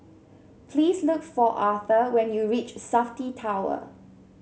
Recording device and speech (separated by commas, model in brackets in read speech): mobile phone (Samsung C7), read sentence